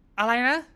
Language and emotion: Thai, angry